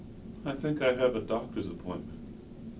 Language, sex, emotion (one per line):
English
male
neutral